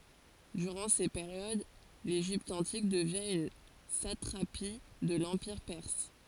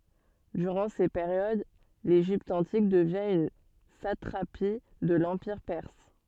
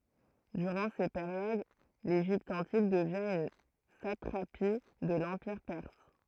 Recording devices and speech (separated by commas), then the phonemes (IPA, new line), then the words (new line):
forehead accelerometer, soft in-ear microphone, throat microphone, read sentence
dyʁɑ̃ se peʁjod leʒipt ɑ̃tik dəvjɛ̃ yn satʁapi də lɑ̃piʁ pɛʁs
Durant ces périodes, l'Égypte antique devient une satrapie de l'empire perse.